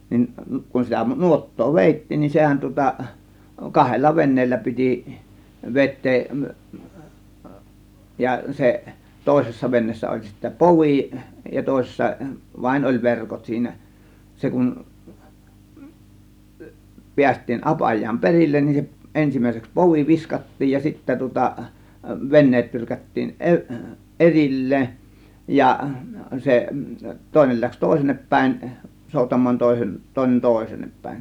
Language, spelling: Finnish, niin kun sitä nuottaa vedettiin niin sehän tuota kahdella veneellä piti vetää ja se toisessa veneessä oli sitten povi ja toisessa vain oli verkot siinä se kun päästiin apajaan perille niin se ensimmäiseksi povi viskattiin ja sitten tuota veneet tyrkättiin - erilleen ja se toinen lähti toiselle päin soutamaan toisen toinen toiseenne päin
- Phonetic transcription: 'nin , kun sitä 'nuot̀too "vèit̀tiin nin 'sehän tŭŏta , 'kahella "ven̆neellä piti , "vet̆teeˀ , ja 'seˀ , 'tòėsessa venneessä oĺ sittä "povì ja tòėsessa , 'vain oĺ "verkot siinä , 'se kun , "piäst̆tiin 'ˀapaj̀aam "perillen nin se , 'ˀensim̀ä̀iseks 'povi "viskat̀tiij ja sittä tŭŏta , 'venneet 'tyrkättiin 'ˀeri- , "ˀeril̀leen , ja , 'se , 'tòėnel läks "tòėsennep pä̀ėn , 'sòutam̆maan tòėsen , 'tòėnen "tòėseennep pä̀ėn .

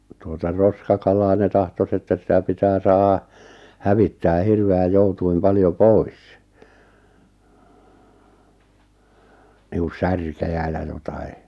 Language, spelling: Finnish, tuota roskakalaa ne tahtoisi että sitä pitää saada hävittää hirveän joutuin paljon pois niin kuin särkiä ja jotakin
- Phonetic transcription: tuota 'roskakalaa ne 'tahtos ‿että 'sitä pitää 'saaha , 'hävittää 'hirve₍äj 'joutuim 'paljo "pois , niiᵏᵘˢ "särkejä ja 'jotai ,.

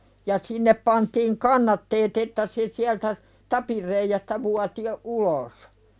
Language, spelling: Finnish, ja sinne pantiin kannatteet että se sieltä tapin reiästä vuoti jo ulos
- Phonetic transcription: ja 'sinnep pantiiŋ "kannatteet ‿että se siältä , "tapir reijästä vuati jo , 'ulos .

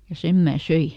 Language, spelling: Finnish, ja sen minä söin
- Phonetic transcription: ja ˈsem mää "söi .

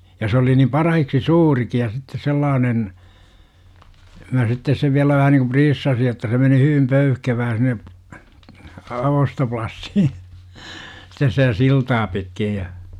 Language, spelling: Finnish, ja se oli niin parhaaksi suurikin ja sitten sellainen minä sitten sen vielä vähän niin kuin priissasin että se meni hyvin pöyhkevää sinne - ostoplassi sitten sitä siltaa pitkin ja
- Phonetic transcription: ja s ‿oli nim 'parahiksi "suuriki ja sitte 'sellaanen , mä 'sittes sev viälä 'vähä niku "priissasi että se meni 'hyvim "pöyhkevää sin̆ne , a- 'ostoplassi , stes sitä "siltaa 'pitkij ja .

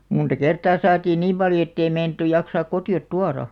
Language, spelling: Finnish, monta kertaa saatiin niin paljon että ei meinattu jaksaa kotiin tuoda
- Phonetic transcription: munta 'kertaa 'saatiin "niim 'paljo ettei 'meinᵃttuj jaksaak "koti₍ot "tuara .

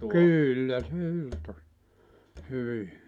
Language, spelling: Finnish, kyllä se irtosi hyvin
- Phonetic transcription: "kỳllä se 'irtos , 'hyvi .

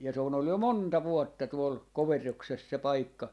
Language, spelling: Finnish, ja se on ollut jo monta vuotta tuolla Koverroksessa se paikka
- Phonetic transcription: ja se on ‿ol jo "monta "vuotta 'tuol , "Koverrokses se 'paikka .

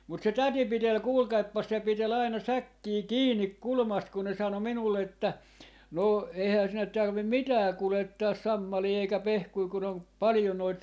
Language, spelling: Finnish, mutta se täti piteli kuulkaapas se piteli aina säkkiä kiinni kulmasta kun ne sanoi minulle että no eihän sinne tarvitse mitään kuljettaa sammalia eikä pehkuja kun on paljon noita
- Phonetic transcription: mut se "täti 'pitel 'kuulkaippas se 'pitel ‿aina "säkkii "kiinnik "kulmast kun ne 'sano 'minulle että , » 'no , eihää sinnet tarvim "mitää 'kulettaas "sammalii eikä 'pehkui kun ‿on , 'palⁱjo noit , .

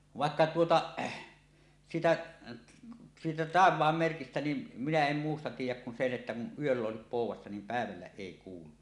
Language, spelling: Finnish, vaikka tuota siitä siitä taivaanmerkistä niin minä en muusta tiedä kun sen että kun yöllä olisi poudassa niin päivällä ei kuulu
- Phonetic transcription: 'vàekka 'tuota , siitä , siitä "tàev̀aammerkistä nin , 'minä 'em 'muusta tiij̆jäk kun sen ’että kun "yöll ‿òesip pòuw̆wassa niim 'pä̀evällä "èi 'kuulu .

